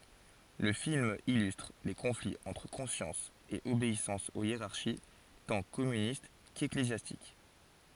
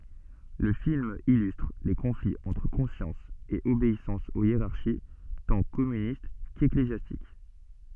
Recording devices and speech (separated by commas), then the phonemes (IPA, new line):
forehead accelerometer, soft in-ear microphone, read sentence
lə film ilystʁ le kɔ̃fliz ɑ̃tʁ kɔ̃sjɑ̃s e obeisɑ̃s o jeʁaʁʃi tɑ̃ kɔmynist keklezjastik